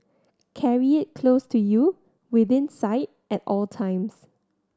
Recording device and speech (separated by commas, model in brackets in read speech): standing microphone (AKG C214), read sentence